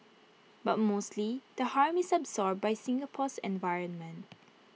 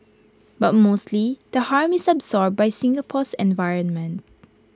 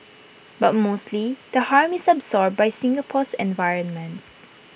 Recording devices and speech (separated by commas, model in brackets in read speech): mobile phone (iPhone 6), close-talking microphone (WH20), boundary microphone (BM630), read sentence